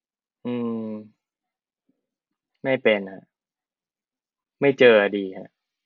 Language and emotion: Thai, frustrated